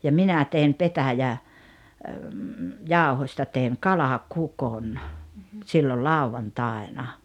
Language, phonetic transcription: Finnish, ja "minä tein "petäjä- , -'jàohośta tèiŋ "kala'kukon , sillol "làuvantàena .
- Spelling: ja minä tein - petäjäjauhosta tein kalakukon silloin lauantaina

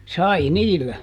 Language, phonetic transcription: Finnish, "sai "niillä .
- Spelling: sai niillä

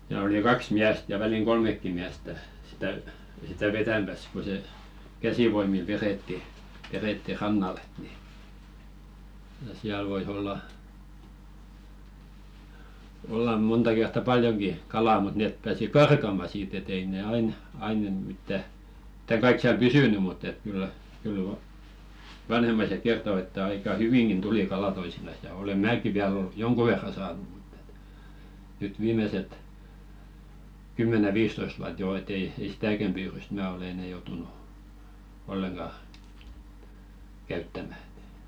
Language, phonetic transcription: Finnish, ja oli "kaks 'miäst ja 'väliŋ "ɢolmekki miästä , sitä , 'sitä "vetämäs ko se , "käsivoimil 'veretti , verètti 'rannal̆l ‿et ni , ja 'siäl voi's ‿olla , "ollam̆ munta kertta "paljoŋki 'kalà mut nèp pääsi "karkama siit ‿e't ‿ei ne "ain , ain ‿en- mittä , [mit]täŋ̬ 'kaik siäl "pysỳny mutt ‿et kyllä , 'kyl va- , "vanhemmaiset 'kerto että 'aika "hyviŋɢin 'tuli kala toisinas ja ole "määki 'viäl ol- , "joŋku 'verra saanu ᴍᴜtt ‿ᴇt nyt "viimeset , 'kymmäne 'viistoisᵗ wuat joo e't ‿ei ei "sitäkäm 'pyyryst mää olᵉ 'enɛ joutunu , 'olleŋɢa , käyttämä .
- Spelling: ja oli kaksi miestä ja väliin kolmekin miestä sitä sitä vetämässä kun se käsivoimilla vedettiin vedettiin rannalle että niin ja siellä voi olla olla monta kertaa paljonkin kalaa mutta ne pääsi karkaamaan siitä et ei ne aina aina - mitään mitään kaikki siellä pysynyt mutta että kyllä kyllä - vanhemmaiset kertoi että aika hyvinkin tuli kalaa toisinaan ja olen minäkin vielä - jonkun verran saanut mutta että nyt viimeiset kymmenen viisitoista vuotta jo et ei ei sitäkään pyydystä minä ole enää joutunut ollenkaan käyttämään

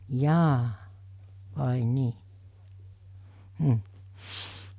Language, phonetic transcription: Finnish, 'jaa , vài 'nii , m̥ .
- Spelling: jaa vai niin mm

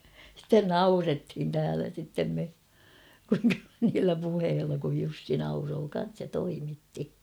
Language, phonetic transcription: Finnish, sitten "naurethin täälä sittem me , niillä puheella kuj 'Jussi 'nauroo kan̬s ja 'toimitti .
- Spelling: sitten naurettiin täällä sitten me niillä puheilla kun Jussi nauroi kanssa ja toimitti

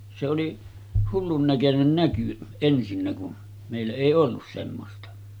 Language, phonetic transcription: Finnish, se oli , 'hullun näkönen 'näky , ensinnä kun , mèillä èi 'ollus semmosta .
- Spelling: se oli hullun näköinen näky ensinnä kun meillä ei ollut semmoista

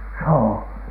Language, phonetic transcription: Finnish, sohò ?
- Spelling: soho

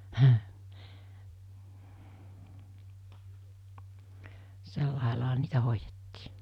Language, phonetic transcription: Finnish, 'sellàelaaɦa niitä 'hoijettii .
- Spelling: sillä laillahan niitä hoidettiin

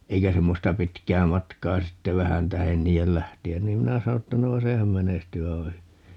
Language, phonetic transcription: Finnish, 'eikä 'semmosta "pitkää 'matkaa 'sitte "vähän 'tähen 'nii₍el "lähti₍än niim 'minä 'sano ‿tta » 'noo "sehän 'menestyy 'aiva ('hyvi) » .
- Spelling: eikä semmoista pitkää matkaa sitten vähän tähden niiden lähteä niin minä sanoin että no sehän menestyy aivan hyvin

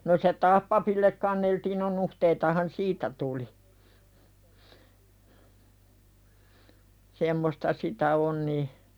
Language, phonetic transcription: Finnish, no se "taah papillek kanneltiin no 'nuhteitahan "siitä tuli , semmosta 'sitä "on ni .
- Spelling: no se taas papille kanneltiin no nuhteitahan siitä tuli semmoista sitä on niin

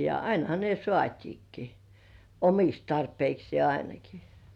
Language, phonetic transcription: Finnish, ja "ainaha ne 'sŏ§àt́iikki , "omiks tarpeiksi§è 'ainaki .
- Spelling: ja ainahan ne saatiinkin omiksi tarpeikseen ainakin

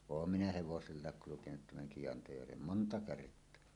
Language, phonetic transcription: Finnish, 'oom minä hevosellàek kulukenut tämäŋ Kiʲantajärvem "monta 'kert̀oa .
- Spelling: olen minä hevosellakin kulkenut tämän Kiantajärven monta kertaa

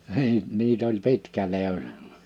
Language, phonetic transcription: Finnish, (niin) niit ‿oĺ 'pitkä 'li̬utᴀ .
- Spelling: niin niitä oli pitkä liuta

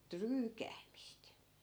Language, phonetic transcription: Finnish, 'tryykäämist .
- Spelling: tryykäämistä

